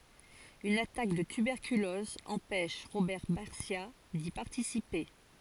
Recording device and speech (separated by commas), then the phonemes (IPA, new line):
forehead accelerometer, read sentence
yn atak də tybɛʁkylɔz ɑ̃pɛʃ ʁobɛʁ baʁsja di paʁtisipe